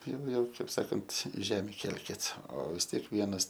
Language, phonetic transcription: Lithuanian, ˈjau ˈjau ˈkaip ˈsakant ˈžemi ˈkelkit o vis ˈtiek ˈvienas

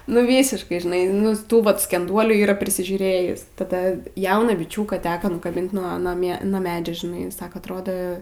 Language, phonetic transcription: Lithuanian, nu ˈvysiškai žiˈnai ˈnu ˈtų vat skenˈduolių yˈra prisižiūˈrėjis taˈda ˈjauną biˈčiūką ˈteka nukaˈbint nuo nuo ˈmie nuo ˈmedžia žiˈnai ˈsaka atˈrodo

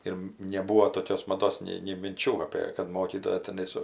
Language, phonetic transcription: Lithuanian, ir neˈbūvo toˈkios maˈdos nei nei minˈčių ˈapė kad ˈmokytoja teˈnai su

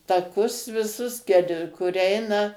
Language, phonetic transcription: Lithuanian, taˈkus viˈsus kel kur ˈeina

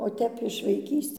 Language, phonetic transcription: Lithuanian, o ˈtep iš vaiˈkys'

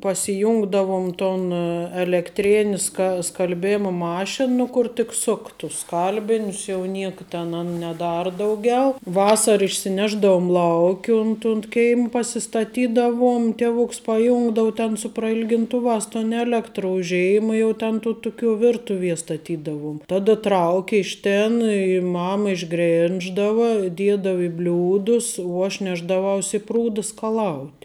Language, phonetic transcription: Lithuanian, pasiˈjūngdavum ton elekˈtrėni ska skalˈbėmu ˈmašinu ˈkur tik ˈsuk tus ˈskalbinius jau ˈniek ˈten an neˈdar ˈdauˌgiau ˈvasar išsiˈnešdaum ˈlauk' i unt unt ˈkeimə pasistaˈtydavuom ˈtevuks paˈjungdavu ten su prailginˈtuvās tun ˈelektru u ˈžėima ˈjau ten tu ˈtuˌkių ˈvirtuvie staˈtydavoum ˈtada ˈtrauki ˈiš ˌtėn i ˈmam išˈgrėnždava ˈdiedava i ˈbliūdus uo ˈaš ˈnešdavaus i ˈprūda skaˈlaut'

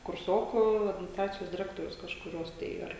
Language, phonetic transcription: Lithuanian, kurˈsoku adminisˈtracijos diˈrektorius kažkuˈrios tai ˈar

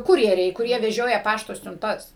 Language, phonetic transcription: Lithuanian, ˈkurjeriai kuˈrie veˈžioja ˈpašto siunˈtas

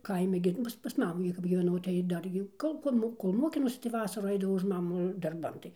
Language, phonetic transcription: Lithuanian, ˈkaime gi ˈmūs pas ˈmamų gi kap gyveˈnau tai ˈdar jau ˈkol kol ˈmo kol ˈmokinausi tai ˈvasarų ˈaidavau už ˈmamu darˈban tai

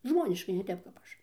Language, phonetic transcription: Lithuanian, ˈžmoniškai ne ˈtep kap ˈaš

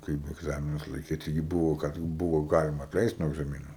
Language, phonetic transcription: Lithuanian, ˈkaip egˈzaminus laiˈkyt taiˈgi ˈbūvo kad ˈbūvo ˈgalima atˈleist nuo egzamiˈnų

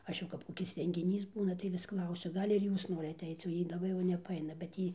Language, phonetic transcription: Lithuanian, ˈaš jau kap koˈkis rengiˈnys ˈbūna tai ˈvis ˈklausiu ˈgal' ir ˈjūs ˈnorit atˈeic o ˈjy laˈbai jau nepaˈaina bet ˈjy

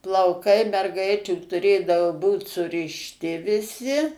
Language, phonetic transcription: Lithuanian, plauˈkai merˈgaičių tuˈrėdavo ˈbūt surišˈti viˈsi

